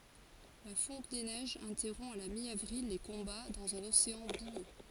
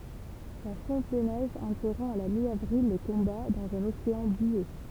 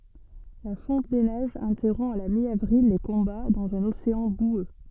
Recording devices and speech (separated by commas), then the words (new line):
forehead accelerometer, temple vibration pickup, soft in-ear microphone, read sentence
La fonte des neiges interrompt à la mi-avril les combats dans un océan boueux.